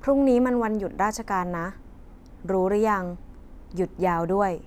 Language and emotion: Thai, neutral